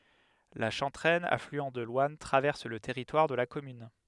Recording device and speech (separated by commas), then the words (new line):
headset microphone, read sentence
La Chanteraine, affluent de l'Ouanne, traverse le territoire de la commune.